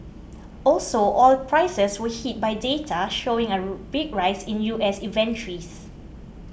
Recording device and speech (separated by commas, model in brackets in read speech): boundary microphone (BM630), read sentence